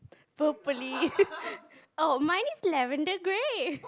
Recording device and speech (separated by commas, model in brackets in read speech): close-talking microphone, conversation in the same room